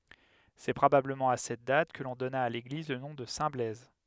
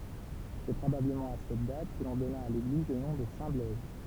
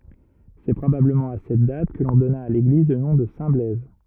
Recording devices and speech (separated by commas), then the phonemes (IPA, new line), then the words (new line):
headset microphone, temple vibration pickup, rigid in-ear microphone, read sentence
sɛ pʁobabləmɑ̃ a sɛt dat kə lɔ̃ dɔna a leɡliz lə nɔ̃ də sɛ̃tblɛz
C’est probablement à cette date que l’on donna à l’église le nom de Saint-Blaise.